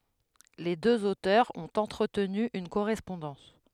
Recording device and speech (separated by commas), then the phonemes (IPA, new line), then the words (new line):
headset microphone, read sentence
le døz otœʁz ɔ̃t ɑ̃tʁətny yn koʁɛspɔ̃dɑ̃s
Les deux auteurs ont entretenu une correspondance.